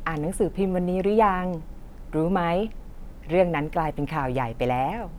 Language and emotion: Thai, happy